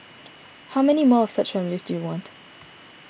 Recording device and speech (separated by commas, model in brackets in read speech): boundary microphone (BM630), read sentence